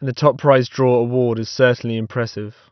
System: none